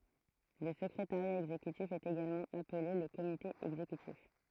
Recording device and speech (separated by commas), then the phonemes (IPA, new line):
throat microphone, read sentence
lə səkʁetaʁja ɛɡzekytif ɛt eɡalmɑ̃ aple lə komite ɛɡzekytif